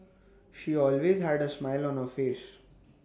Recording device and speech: standing microphone (AKG C214), read sentence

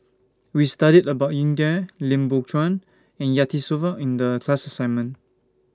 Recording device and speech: standing microphone (AKG C214), read sentence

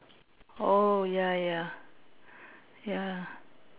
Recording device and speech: telephone, conversation in separate rooms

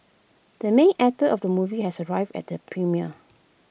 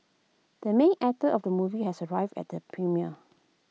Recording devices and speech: boundary microphone (BM630), mobile phone (iPhone 6), read sentence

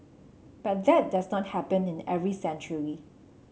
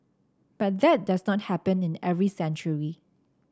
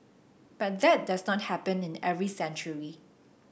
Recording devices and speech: mobile phone (Samsung C7), standing microphone (AKG C214), boundary microphone (BM630), read sentence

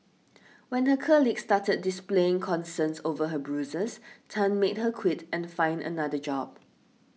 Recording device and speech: mobile phone (iPhone 6), read sentence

